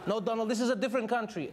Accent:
Egyptian accent